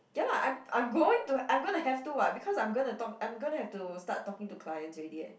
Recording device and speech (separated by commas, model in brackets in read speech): boundary microphone, conversation in the same room